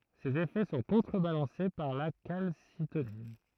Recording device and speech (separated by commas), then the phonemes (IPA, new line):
throat microphone, read sentence
sez efɛ sɔ̃ kɔ̃tʁəbalɑ̃se paʁ la kalsitonin